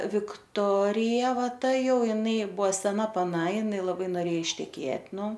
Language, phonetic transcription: Lithuanian, vikˈtorija ˈva ˈta ˈjau iˈnai ˈbuvo seˈna paˈna iˈnai laˈbai noˈrėja išteˈkėt' ˈnu

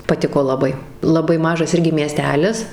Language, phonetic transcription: Lithuanian, paˈtiko laˈbai laˈbai ˈmažas ˈirgi mieˈstelis

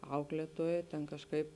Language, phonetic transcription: Lithuanian, ˈauklėtuoja ten kažˈkaip

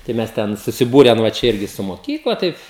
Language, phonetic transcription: Lithuanian, tai ˈmes ˈten susiˈbūren va ˈčia ˈirgi su moˈkykla ˈtaip

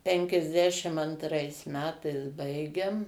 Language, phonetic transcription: Lithuanian, ˌpenkiasˈdešim antˈrais ˈmetais ˈbaigem

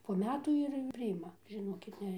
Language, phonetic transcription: Lithuanian, po ˈmetų ir priˈima žiˈnokit ˈne

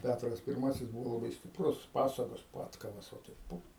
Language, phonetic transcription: Lithuanian, ˈpætras pirˈmasis ˈbuvo laˈbai stipˈrus ˈpasagos ˈpadkavas va ˈtaip ˈpu

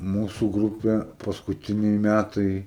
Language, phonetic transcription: Lithuanian, ˈmūsu ˈgrupė paskuˈtiniai ˈmætai

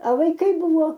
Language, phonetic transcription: Lithuanian, a vaiˈkai ˈbūvo

